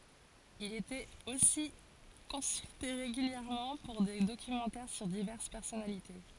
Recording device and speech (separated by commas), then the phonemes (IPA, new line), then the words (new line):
forehead accelerometer, read sentence
il etɛt osi kɔ̃sylte ʁeɡyljɛʁmɑ̃ puʁ de dokymɑ̃tɛʁ syʁ divɛʁs pɛʁsɔnalite
Il était aussi consulté régulièrement pour des documentaires sur diverses personnalités.